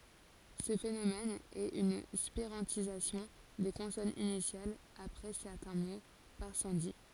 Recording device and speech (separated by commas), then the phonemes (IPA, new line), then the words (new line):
forehead accelerometer, read sentence
sə fenomɛn ɛt yn spiʁɑ̃tizasjɔ̃ de kɔ̃sɔnz inisjalz apʁɛ sɛʁtɛ̃ mo paʁ sɑ̃di
Ce phénomène est une spirantisation des consonnes initiales après certains mots, par sandhi.